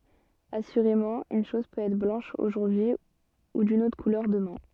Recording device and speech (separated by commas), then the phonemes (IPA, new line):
soft in-ear microphone, read sentence
asyʁemɑ̃ yn ʃɔz pøt ɛtʁ blɑ̃ʃ oʒuʁdyi u dyn otʁ kulœʁ dəmɛ̃